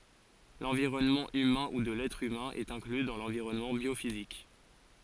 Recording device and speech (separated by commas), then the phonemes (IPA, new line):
forehead accelerometer, read sentence
lɑ̃viʁɔnmɑ̃ ymɛ̃ u də lɛtʁ ymɛ̃ ɛt ɛ̃kly dɑ̃ lɑ̃viʁɔnmɑ̃ bjofizik